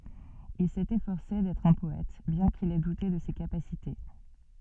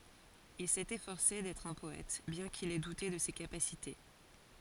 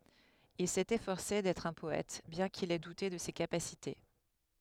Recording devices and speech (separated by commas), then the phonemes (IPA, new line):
soft in-ear microphone, forehead accelerometer, headset microphone, read sentence
il sɛt efɔʁse dɛtʁ œ̃ pɔɛt bjɛ̃ kil ɛ dute də se kapasite